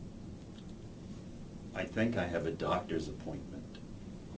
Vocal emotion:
neutral